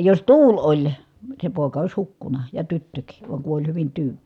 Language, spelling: Finnish, jos tuuli oli se poika olisi hukkunut ja tyttökin vaan kun oli hyvin tyyni
- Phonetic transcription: jos tuuĺ oĺ , se pòi̮ka ois hukkuna , ja tyttökii , va kun oĺ hyvin tyyN .

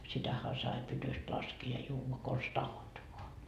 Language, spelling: Finnish, sitähän sai pytystä laskea ja juoda konsa tahdot vain
- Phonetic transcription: sitähä sai 'pytyst laskii ja 'juuva kons "tahot voa .

